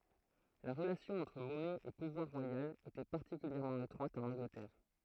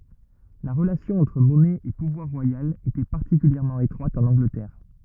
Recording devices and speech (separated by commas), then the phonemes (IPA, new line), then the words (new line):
throat microphone, rigid in-ear microphone, read sentence
la ʁəlasjɔ̃ ɑ̃tʁ mɔnɛ e puvwaʁ ʁwajal etɛ paʁtikyljɛʁmɑ̃ etʁwat ɑ̃n ɑ̃ɡlətɛʁ
La relation entre monnaie et pouvoir royal était particulièrement étroite en Angleterre.